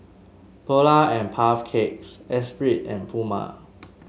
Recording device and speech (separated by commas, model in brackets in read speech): mobile phone (Samsung S8), read sentence